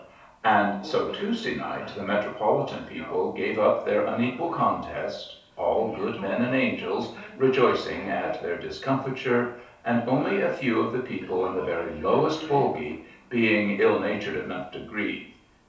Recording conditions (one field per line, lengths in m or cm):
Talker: one person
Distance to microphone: 3.0 m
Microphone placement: far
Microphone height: 1.8 m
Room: small (3.7 m by 2.7 m)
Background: television